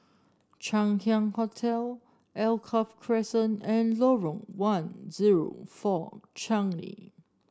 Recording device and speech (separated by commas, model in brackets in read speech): standing microphone (AKG C214), read sentence